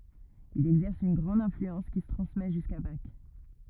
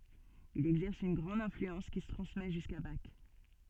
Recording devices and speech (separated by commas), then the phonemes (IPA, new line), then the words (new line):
rigid in-ear microphone, soft in-ear microphone, read sentence
il ɛɡzɛʁs yn ɡʁɑ̃d ɛ̃flyɑ̃s ki sə tʁɑ̃smɛ ʒyska bak
Il exerce une grande influence qui se transmet jusqu'à Bach.